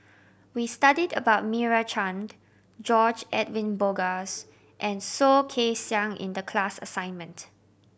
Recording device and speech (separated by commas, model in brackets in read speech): boundary microphone (BM630), read sentence